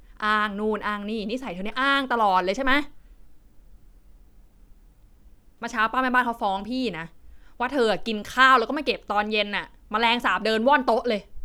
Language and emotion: Thai, angry